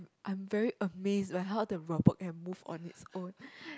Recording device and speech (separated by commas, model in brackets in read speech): close-talking microphone, conversation in the same room